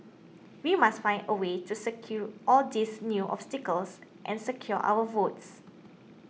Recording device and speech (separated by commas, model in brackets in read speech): mobile phone (iPhone 6), read sentence